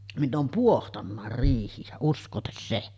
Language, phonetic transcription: Finnish, 'minn ‿oom "puohtannàer 'riihijä , usk̀ootes 'se .
- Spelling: minä olen pohtanutkin riihiä uskokaas se

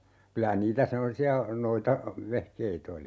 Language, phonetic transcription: Finnish, 'kylä 'niitä "semmosi₍a , 'noita- , '-vehkeit ‿oli .
- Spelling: kyllä niitä semmoisia - noitavehkeitä oli

